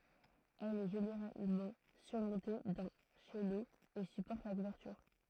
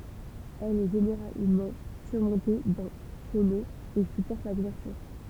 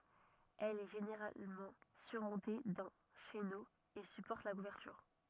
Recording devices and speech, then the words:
throat microphone, temple vibration pickup, rigid in-ear microphone, read sentence
Elle est généralement surmontée d'un chéneau et supporte la couverture.

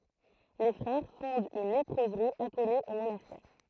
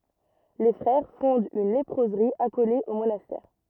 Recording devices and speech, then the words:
throat microphone, rigid in-ear microphone, read sentence
Les frères fondent une léproserie accolée au monastère.

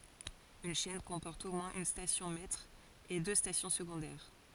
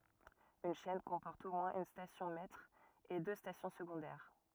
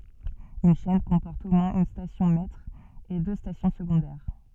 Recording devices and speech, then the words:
forehead accelerometer, rigid in-ear microphone, soft in-ear microphone, read sentence
Une chaîne comporte au moins une station maître et deux stations secondaires.

